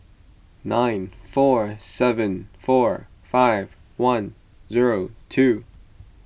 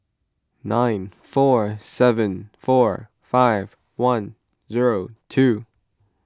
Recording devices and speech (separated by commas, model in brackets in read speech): boundary microphone (BM630), close-talking microphone (WH20), read sentence